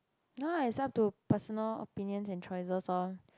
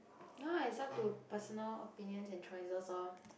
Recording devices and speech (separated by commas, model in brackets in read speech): close-talking microphone, boundary microphone, conversation in the same room